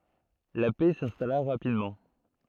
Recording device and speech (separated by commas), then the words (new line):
throat microphone, read sentence
La paix s'installa rapidement.